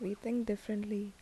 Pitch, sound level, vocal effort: 210 Hz, 75 dB SPL, soft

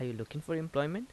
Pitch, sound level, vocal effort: 150 Hz, 82 dB SPL, normal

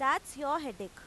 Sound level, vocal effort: 95 dB SPL, very loud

